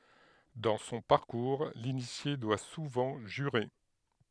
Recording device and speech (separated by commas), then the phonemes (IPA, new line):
headset microphone, read sentence
dɑ̃ sɔ̃ paʁkuʁ linisje dwa suvɑ̃ ʒyʁe